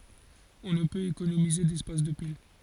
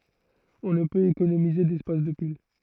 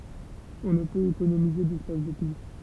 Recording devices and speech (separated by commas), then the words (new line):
forehead accelerometer, throat microphone, temple vibration pickup, read sentence
On ne peut économiser d'espace de pile.